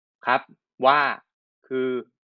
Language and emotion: Thai, neutral